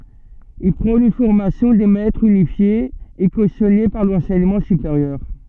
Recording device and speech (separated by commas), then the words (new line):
soft in-ear microphone, read sentence
Il prône une formation des maîtres unifiée et cautionnée par l'enseignement supérieur.